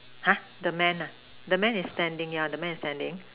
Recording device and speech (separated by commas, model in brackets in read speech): telephone, conversation in separate rooms